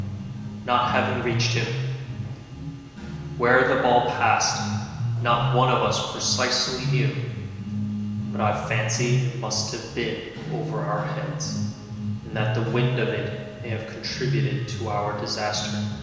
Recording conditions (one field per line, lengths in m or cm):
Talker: one person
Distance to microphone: 1.7 m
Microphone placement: close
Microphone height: 1.0 m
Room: very reverberant, large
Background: music